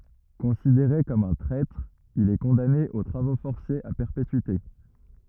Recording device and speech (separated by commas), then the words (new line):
rigid in-ear microphone, read sentence
Considéré comme un traître, il est condamné aux travaux forcés à perpétuité.